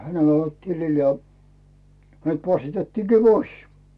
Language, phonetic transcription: Finnish, 'hänel oĺ olt 'tilil ja , 'hänet 'passitettiikii "pois .
- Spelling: hänellä oli ollut tilillä ja hänet passitettiinkin pois

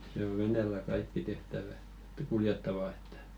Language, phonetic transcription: Finnish, se o 'venèllä "kaikki 'tehtävä [et]tä "kuljettava ettᴀ̈ .
- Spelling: se on veneellä kaikki tehtävä että kuljettava että

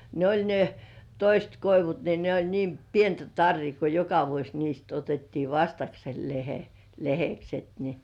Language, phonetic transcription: Finnish, 'ne oĺ ne , 'toist koivut ni ne oĺ 'niim "pientä 'tarrii ko joka vuoś niist ‿"otettii "vastaksel 'lehe- , "lehekset nɪ .
- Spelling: ne oli ne toiset koivut niin ne oli niin pientä tarria kun joka vuosi niistä otettiin vastakselle - lehdekset niin

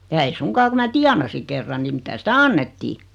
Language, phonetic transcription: Finnish, ja ei 'suŋkaa ku 'mää "tianasi kerran ni 'mitä 'sitä annettii .
- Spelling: ja ei suinkaan kun minä tienasin kerran niin mitä sitä annettiin

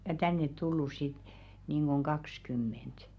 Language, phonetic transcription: Finnish, ja 'tännet 'tullus sit , nìŋɢoŋ 'ɢaks kymment .
- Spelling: ja tänne tullut sitten niin kuin kaksi kymmentä

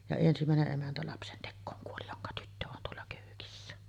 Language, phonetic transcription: Finnish, ja 'ensimä̀ene’ ’emäntä 'lapsentekkooŋ kuoli joŋka 'tyttö on tuolla köökissä .
- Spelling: ja ensimmäinen emäntä lapsentekoon kuoli jonka tyttö on tuolla kyökissä

